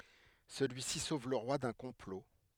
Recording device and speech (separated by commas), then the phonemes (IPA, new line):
headset microphone, read sentence
səlyisi sov lə ʁwa dœ̃ kɔ̃plo